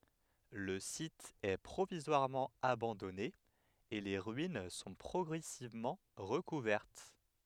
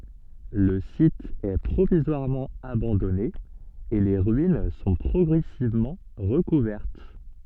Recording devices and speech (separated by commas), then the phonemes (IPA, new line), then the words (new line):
headset microphone, soft in-ear microphone, read sentence
lə sit ɛ pʁovizwaʁmɑ̃ abɑ̃dɔne e le ʁyin sɔ̃ pʁɔɡʁɛsivmɑ̃ ʁəkuvɛʁt
Le site est provisoirement abandonné et les ruines sont progressivement recouvertes.